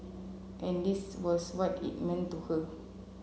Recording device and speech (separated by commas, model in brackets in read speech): mobile phone (Samsung C7), read sentence